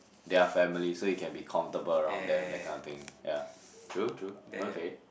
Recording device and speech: boundary microphone, conversation in the same room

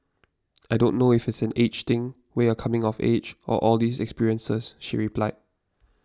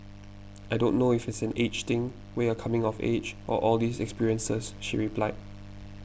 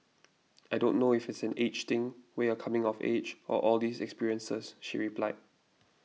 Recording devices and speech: standing microphone (AKG C214), boundary microphone (BM630), mobile phone (iPhone 6), read sentence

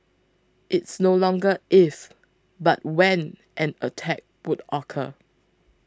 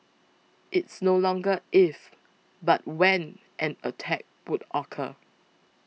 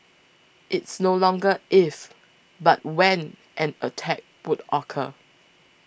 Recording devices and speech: close-talking microphone (WH20), mobile phone (iPhone 6), boundary microphone (BM630), read sentence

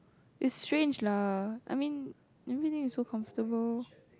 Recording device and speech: close-talking microphone, conversation in the same room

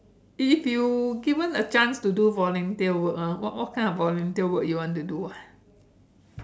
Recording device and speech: standing microphone, conversation in separate rooms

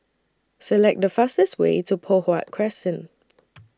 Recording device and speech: standing microphone (AKG C214), read sentence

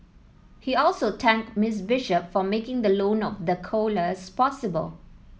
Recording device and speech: mobile phone (iPhone 7), read sentence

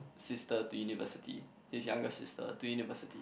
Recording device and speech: boundary microphone, conversation in the same room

